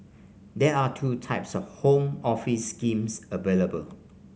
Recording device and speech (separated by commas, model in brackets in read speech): mobile phone (Samsung C5), read sentence